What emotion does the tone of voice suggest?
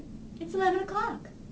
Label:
happy